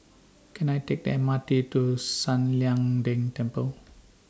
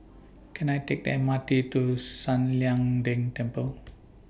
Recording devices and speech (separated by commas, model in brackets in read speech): standing microphone (AKG C214), boundary microphone (BM630), read sentence